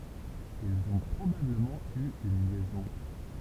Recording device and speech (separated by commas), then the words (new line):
temple vibration pickup, read sentence
Ils ont probablement eu une liaison.